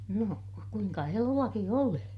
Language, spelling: Finnish, no kuinka eloakin oli
- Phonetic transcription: no , kuiŋka elu₍aki oli .

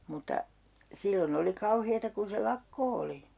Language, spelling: Finnish, mutta silloin oli kauheaa kun se lakko oli
- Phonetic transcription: 'mutta , 'sillo'n ‿oli 'kauheeta kun̬ se "lakko oli .

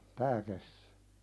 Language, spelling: Finnish, tämä kesti
- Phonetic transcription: 'tää kes(tɪ) .

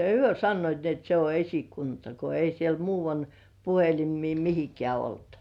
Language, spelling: Finnish, he sanoivat niin että se on esikunta kun ei siellä - puhelimia mihinkään ollut
- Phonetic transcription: hyö 'sannoit ni ‿et se o 'esikunta , ko ei 'siel "muuvan- , puhelim̆mii 'mihikĕä̀ olt .

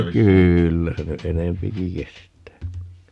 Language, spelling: Finnish, kyllä se nyt enempikin kestää
- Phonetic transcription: 'kyyllä se ny "enempiki 'kest̀ää .

